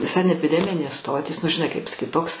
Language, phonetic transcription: Lithuanian, sanepiˈdeminės ˈstotys nu žiˈnai kaip pasaˈkyt ˈtoks

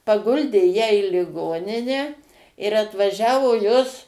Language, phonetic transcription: Lithuanian, paˈguldė ˈją į liˈgoninę ir atvaˈžiavo ˈjos

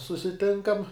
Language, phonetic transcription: Lithuanian, susiˈtinkam

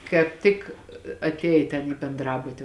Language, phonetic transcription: Lithuanian, kāp ˈtik atˈėj ten į benˈdrabuti

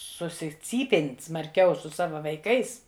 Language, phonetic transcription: Lithuanian, susiˈcypėn' smarˈkiau su ˈsava vaiˈkais

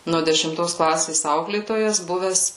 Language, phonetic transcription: Lithuanian, nuo dešimˈtos ˈklasės ˈauklėtojas ˈbuves

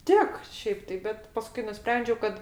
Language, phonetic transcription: Lithuanian, ˈtik ˈšiaip tai ˈbet paˈskui nuˈsprendžiau kad

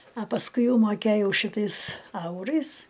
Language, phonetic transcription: Lithuanian, a pasˈkui ˈjau maˈkėjau šiˈtais ˈaurais

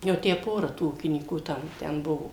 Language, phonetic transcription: Lithuanian, jau ˈtę ˈpora tų ˈūkinykų ˈtam ˈten ˈbuvo

